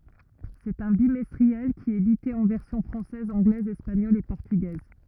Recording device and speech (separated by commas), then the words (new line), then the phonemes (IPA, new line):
rigid in-ear microphone, read sentence
C'est un bimestriel, qui est édité en versions française, anglaise, espagnole et portugaise.
sɛt œ̃ bimɛstʁiɛl ki ɛt edite ɑ̃ vɛʁsjɔ̃ fʁɑ̃sɛz ɑ̃ɡlɛz ɛspaɲɔl e pɔʁtyɡɛz